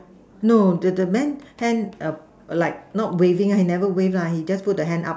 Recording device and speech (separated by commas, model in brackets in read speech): standing microphone, conversation in separate rooms